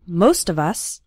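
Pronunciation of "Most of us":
The words 'most of us' run together.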